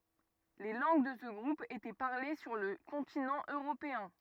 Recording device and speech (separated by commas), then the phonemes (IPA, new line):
rigid in-ear microphone, read sentence
le lɑ̃ɡ də sə ɡʁup etɛ paʁle syʁ lə kɔ̃tinɑ̃ øʁopeɛ̃